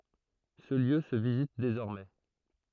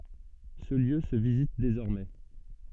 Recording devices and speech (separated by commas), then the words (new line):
throat microphone, soft in-ear microphone, read sentence
Ce lieu se visite désormais.